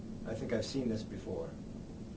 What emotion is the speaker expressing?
neutral